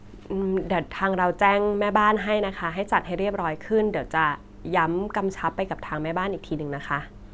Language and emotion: Thai, neutral